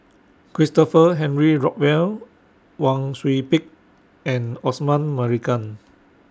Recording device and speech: standing microphone (AKG C214), read sentence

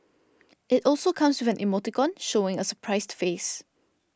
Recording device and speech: standing microphone (AKG C214), read sentence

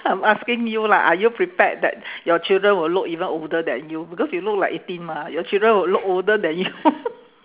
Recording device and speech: telephone, conversation in separate rooms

